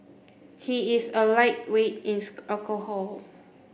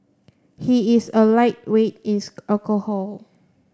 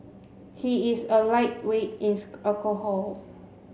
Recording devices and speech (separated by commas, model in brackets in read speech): boundary microphone (BM630), standing microphone (AKG C214), mobile phone (Samsung C7), read sentence